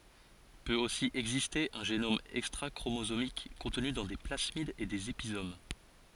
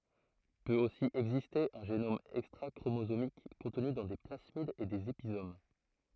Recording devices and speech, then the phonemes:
forehead accelerometer, throat microphone, read sentence
pøt osi ɛɡziste œ̃ ʒenom ɛkstʁakʁomozomik kɔ̃tny dɑ̃ de plasmidz e dez epizom

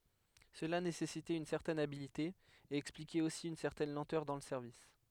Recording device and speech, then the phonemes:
headset microphone, read sentence
səla nesɛsitɛt yn sɛʁtɛn abilte e ɛksplikɛt osi yn sɛʁtɛn lɑ̃tœʁ dɑ̃ lə sɛʁvis

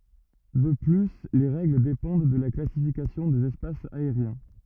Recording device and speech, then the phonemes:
rigid in-ear microphone, read sentence
də ply le ʁɛɡl depɑ̃d də la klasifikasjɔ̃ dez ɛspasz aeʁjɛ̃

